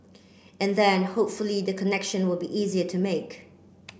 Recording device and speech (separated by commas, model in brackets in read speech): boundary microphone (BM630), read sentence